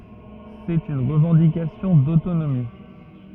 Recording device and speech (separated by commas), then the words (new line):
rigid in-ear microphone, read sentence
C'est une revendication d'autonomie.